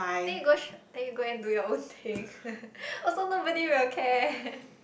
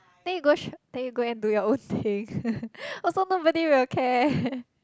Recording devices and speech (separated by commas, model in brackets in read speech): boundary microphone, close-talking microphone, conversation in the same room